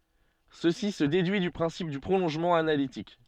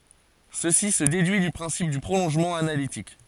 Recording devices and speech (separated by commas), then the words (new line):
soft in-ear microphone, forehead accelerometer, read sentence
Ceci se déduit du principe du prolongement analytique.